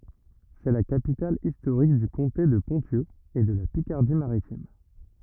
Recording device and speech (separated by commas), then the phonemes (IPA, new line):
rigid in-ear microphone, read sentence
sɛ la kapital istoʁik dy kɔ̃te də pɔ̃sjø e də la pikaʁdi maʁitim